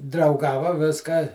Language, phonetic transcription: Lithuanian, drauˈgava ˈviską

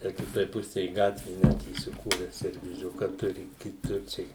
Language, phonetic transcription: Lithuanian, ˈtę kiˈtoj ˈpusej ˈgatvė ˈnet įsiˈkūre servyˈziuka ˈturi kiˈtur ˈčia i

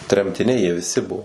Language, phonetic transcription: Lithuanian, tremtiˈniai jie viˈsi ˈbuo

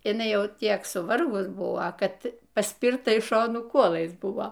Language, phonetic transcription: Lithuanian, iˈnai ˈjau ˈtiek suˈvargus ˈbuvo ˈkad paˈspirta iš ˈšonų ˈkuolais ˈbuvo

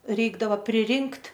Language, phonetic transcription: Lithuanian, ˈreikdava priˈrinkt'

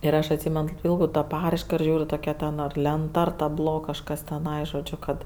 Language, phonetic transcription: Lithuanian, ir ˈaš atˈsymen kaip ˈpyldau ta ˈparaiška ir ˈžiūriu toˈkia ten lenˈta ar taˈblo kažˈkas teˈnai žoˈdžiu kad

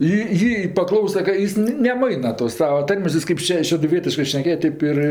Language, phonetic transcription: Lithuanian, i ˈjį paˈklausa ka ˈjis neˈmaina tos ˈsava ˈtarmės ˈjis kaip ˈše šeduˈvietiškɜ šneˈkėja ˈtaip ir ˈir

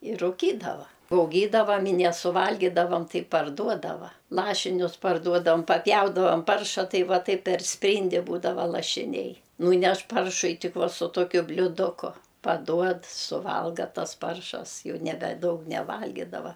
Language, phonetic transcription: Lithuanian, ir ruˈkydava auˈgydavam i nesuˈvalgydavam ˈtai parˈduodava ˈlašinius parˈduodavam paˈpjaudavam ˈparša ˈtai ˈva ˈtaip per ˈspryndi ˈbūdava lašiˈniai ˈnūneš ˈparšui ˈtik ˈva su ˈtokiu bliūˈduku paˈduod suˈvalga ˈtas ˈparšas ˈjau ˈnebe ˈdaug neˈvalgidava

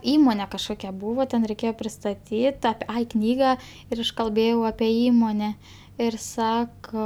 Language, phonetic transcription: Lithuanian, ˈįmone kažˈkokia ˈbūvo ten reiˈkėjo pristaˈtyt ap ˈai ˈknyga ir ˈaš kalˈbėjau ape ˈįmone ir ˈsako

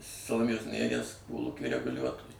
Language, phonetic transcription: Lithuanian, saloˈmėjos nėˈries ˈkolūky reguˈliuotoju

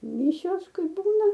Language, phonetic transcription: Lithuanian, ˈmišios ˈkai ˈbūna

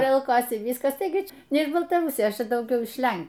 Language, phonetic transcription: Lithuanian, ˈjei auˈkosi ˈvyskas ˈtaigi ˈčia ne iš baltaˈrusijos ˈčia dauˈgiau iš ˈlen

